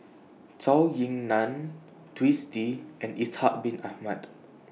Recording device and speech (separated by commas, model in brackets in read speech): mobile phone (iPhone 6), read sentence